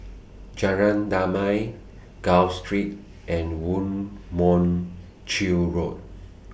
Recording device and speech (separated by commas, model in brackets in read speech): boundary microphone (BM630), read sentence